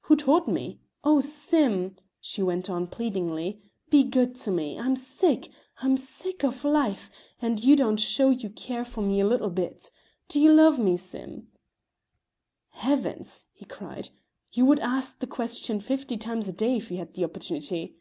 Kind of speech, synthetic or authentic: authentic